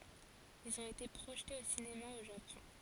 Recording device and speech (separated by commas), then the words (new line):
forehead accelerometer, read sentence
Ils ont été projetés au cinéma au Japon.